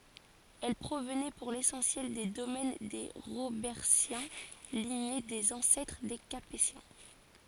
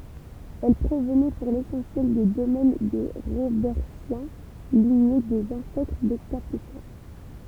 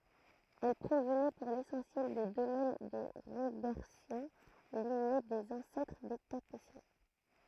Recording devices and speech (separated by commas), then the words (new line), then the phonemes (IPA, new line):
forehead accelerometer, temple vibration pickup, throat microphone, read sentence
Elles provenaient pour l'essentiel des domaines des Robertiens, lignée des ancêtres des Capétiens.
ɛl pʁovnɛ puʁ lesɑ̃sjɛl de domɛn de ʁobɛʁtjɛ̃ liɲe dez ɑ̃sɛtʁ de kapetjɛ̃